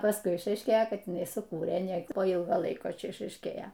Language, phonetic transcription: Lithuanian, pasˈkui išaišˈkėjo ˈkad jiˈnai suˈkūrė ne po ˈylgo ˈlaiko ˈčia išaišˈkėjo

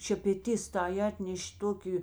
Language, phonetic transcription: Lithuanian, šepeˈtis tai ˈatneš' ˈtoki

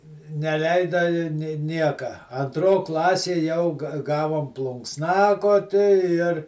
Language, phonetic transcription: Lithuanian, neˈleida i nė ˈnieka anˈtro ˈklasė jau ga ˈgavom plunksˈnakoti ir

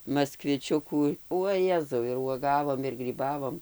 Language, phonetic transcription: Lithuanian, maskviˈčiukų uo ˈjezau ir uoˈgavom ir gryˈbavom

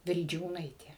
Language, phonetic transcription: Lithuanian, vilˈdžiūnaitė

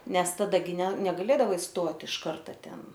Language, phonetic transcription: Lithuanian, ˈnes taˈda gi ne negaˈlėdavai ˈstot iš ˈkarta ˈten

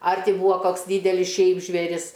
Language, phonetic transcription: Lithuanian, ˈar ˈti ˈbūa ˈkoks ˈdydelis ˈšiaip žvėˈris

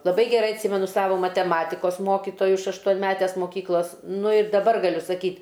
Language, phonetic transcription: Lithuanian, laˈbai geˈrai atˈsymenu ˈsavo mateˈmatikos ˈmokitoju iš aštuonˈmetes moˈkyklas ˈnu ir daˈbar gaˈliu saˈkyt'

